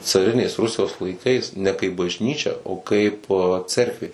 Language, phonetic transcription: Lithuanian, caˈrinės ˈrusijos laiˈkais ne kaip bažˈnyčia o ˈkaip ˈcerkvė

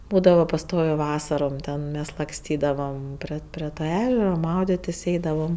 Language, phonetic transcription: Lithuanian, ˈbūdava paˈstovė ˈvasarom ˈten ˈmes lakˈstydavam ˈpri pri ˈta ˈežera ˈmaudėtis' ˈeidavam

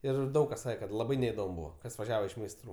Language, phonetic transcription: Lithuanian, ˈir ˈdaug kas ˈsake kad laˈbai neidom ˈbūva ˈkas vaˈžiava iš meisˈtrų

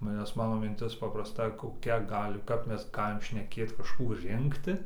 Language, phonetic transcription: Lithuanian, nes ˈmano minˈtis paprasˈta koˈkia ˈgali kap ˈmes ˈgalim šneˈkėt kažˈkų ˈrinkti

